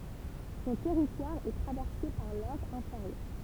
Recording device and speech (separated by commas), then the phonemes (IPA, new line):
temple vibration pickup, read sentence
sɔ̃ tɛʁitwaʁ ɛ tʁavɛʁse paʁ lɔʁ ɛ̃feʁjœʁ